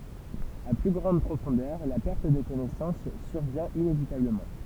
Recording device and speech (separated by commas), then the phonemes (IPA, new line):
temple vibration pickup, read sentence
a ply ɡʁɑ̃d pʁofɔ̃dœʁ la pɛʁt də kɔnɛsɑ̃s syʁvjɛ̃ inevitabləmɑ̃